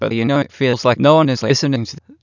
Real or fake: fake